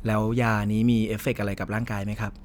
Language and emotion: Thai, neutral